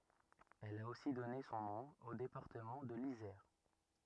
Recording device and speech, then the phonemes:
rigid in-ear microphone, read sentence
ɛl a osi dɔne sɔ̃ nɔ̃ o depaʁtəmɑ̃ də lizɛʁ

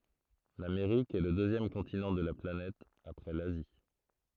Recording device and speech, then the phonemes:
throat microphone, read sentence
lameʁik ɛ lə døzjɛm kɔ̃tinɑ̃ də la planɛt apʁɛ lazi

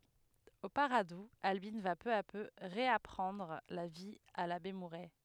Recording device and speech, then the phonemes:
headset microphone, read sentence
o paʁadu albin va pø a pø ʁeapʁɑ̃dʁ la vi a labe muʁɛ

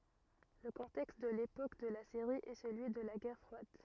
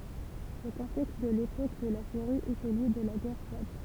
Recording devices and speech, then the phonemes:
rigid in-ear microphone, temple vibration pickup, read sentence
lə kɔ̃tɛkst də lepok də la seʁi ɛ səlyi də la ɡɛʁ fʁwad

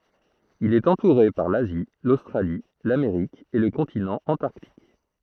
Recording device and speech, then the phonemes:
throat microphone, read sentence
il ɛt ɑ̃tuʁe paʁ lazi lostʁali lameʁik e lə kɔ̃tinɑ̃ ɑ̃taʁtik

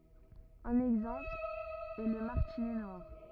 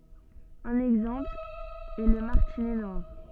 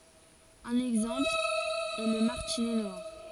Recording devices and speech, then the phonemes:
rigid in-ear microphone, soft in-ear microphone, forehead accelerometer, read sentence
œ̃n ɛɡzɑ̃pl ɛ lə maʁtinɛ nwaʁ

